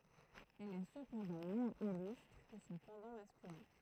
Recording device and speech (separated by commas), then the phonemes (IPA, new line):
throat microphone, read sentence
ɛl ɛ səpɑ̃dɑ̃ mwɛ̃z ilystʁ kə sɔ̃ pɑ̃dɑ̃ maskylɛ̃